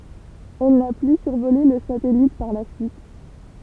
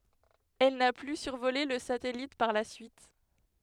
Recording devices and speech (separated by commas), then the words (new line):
temple vibration pickup, headset microphone, read sentence
Elle n'a plus survolé le satellite par la suite.